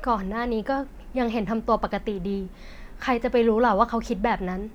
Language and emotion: Thai, frustrated